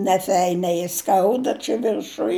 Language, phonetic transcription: Lithuanian, neˈfeiniai ˈskauda čia virˈšuj

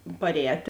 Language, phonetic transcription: Lithuanian, parˈēt'

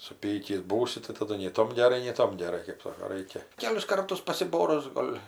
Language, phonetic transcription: Lithuanian, suˈpykįs ˈbūsi tai taˈdu nei ˈtom geˈrai nei ˈtom geˈrai kɜp ˈsoko ˈraikia ˈkelis ˈkartus pasiˈborus ˈgol'

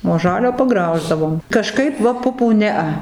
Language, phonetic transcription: Lithuanian, o ˈžalio paˈgrauždavom kaˈžkaip ˈva ˈpupų ˈnea

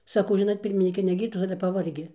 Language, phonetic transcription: Lithuanian, saˈkau ˈžinot ˈpirminyke ne ˈgyrtos ˈale paˈvargi

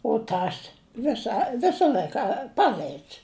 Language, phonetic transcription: Lithuanian, u ˈtas ˈvisa ˈvisa ˈl'aika ˈpal'aids

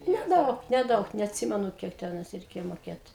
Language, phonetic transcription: Lithuanian, neˈdaug neˈdaug neatˈsimenu ˈkiek teˈnais reiˈkėja moˈkėt

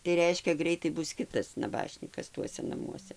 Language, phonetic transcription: Lithuanian, tai ˈreiškia ˈgreitai ˈbus ˈkitas naˈbašnykas ˈtuose naˈmuose

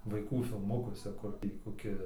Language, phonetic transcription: Lithuanian, vaiˈkų filˈmukuose ˈkur tį koˈki

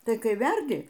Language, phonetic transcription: Lithuanian, tai ˈkai ˈverdi

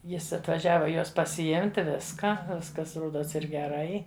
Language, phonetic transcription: Lithuanian, ˈjis atvaˈžiava ˈjos pasiˈimti ˈviska ˈviskas ˈrodos ir geˈrai

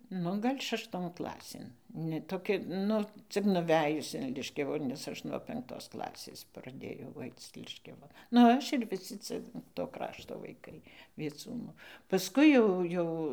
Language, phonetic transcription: Lithuanian, ˈnu ˈgal' šašˈton ˈklasėn ne toˈkia ˈnu ˈcik nuˈvejus in ˈliškiavu nes ˈaš nuo penkˈtos ˈklasės praˈdėjau ˈaic ˈliškiava nu ˈaš ir viˈsi ˈcia to ˈkrašto vaiˈkai vieˈcūnų pasˈkui jau ˈjau

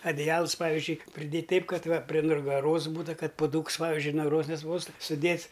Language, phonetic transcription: Lithuanian, adiˈjals ˈpavizdžiui priˈdėt' ˈteip ˈkad ˈva pri nugaˈros ˈbūtu ˈkad puˈdūks ˈpavizdžiui nugaˈros neˈspaustų suˈdėts

